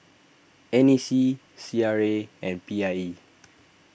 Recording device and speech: boundary microphone (BM630), read sentence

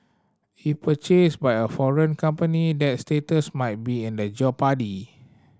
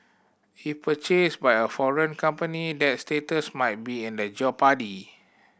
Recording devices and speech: standing microphone (AKG C214), boundary microphone (BM630), read sentence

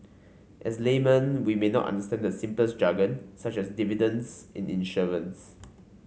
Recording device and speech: mobile phone (Samsung C5), read sentence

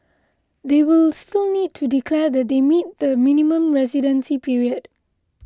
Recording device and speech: close-talking microphone (WH20), read sentence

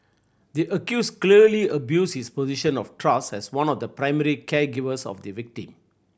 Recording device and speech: boundary microphone (BM630), read sentence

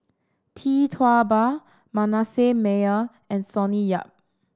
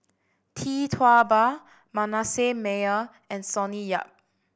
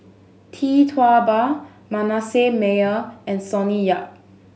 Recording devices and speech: standing microphone (AKG C214), boundary microphone (BM630), mobile phone (Samsung S8), read sentence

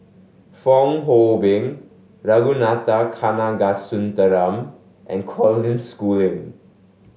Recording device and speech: mobile phone (Samsung S8), read sentence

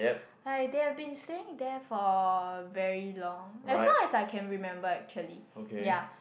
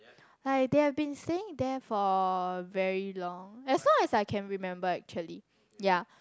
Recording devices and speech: boundary microphone, close-talking microphone, conversation in the same room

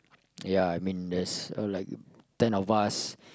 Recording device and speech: close-talking microphone, conversation in the same room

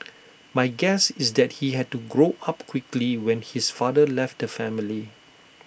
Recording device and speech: boundary microphone (BM630), read sentence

